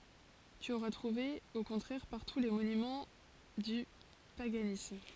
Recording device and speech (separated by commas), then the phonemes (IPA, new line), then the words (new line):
forehead accelerometer, read sentence
ty oʁa tʁuve o kɔ̃tʁɛʁ paʁtu le monymɑ̃ dy paɡanism
Tu auras trouvé au contraire partout les monuments du paganisme.